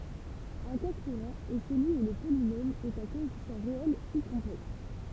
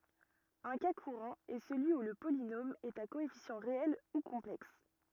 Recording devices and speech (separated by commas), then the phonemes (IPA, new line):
temple vibration pickup, rigid in-ear microphone, read sentence
œ̃ ka kuʁɑ̃ ɛ səlyi u lə polinom ɛt a koɛfisjɑ̃ ʁeɛl u kɔ̃plɛks